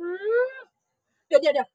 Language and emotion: Thai, happy